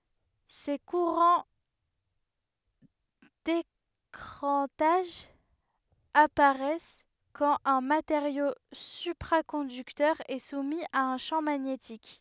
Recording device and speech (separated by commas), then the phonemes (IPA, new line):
headset microphone, read sentence
se kuʁɑ̃ dekʁɑ̃taʒ apaʁɛs kɑ̃t œ̃ mateʁjo sypʁakɔ̃dyktœʁ ɛ sumi a œ̃ ʃɑ̃ maɲetik